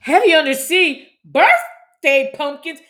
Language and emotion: English, fearful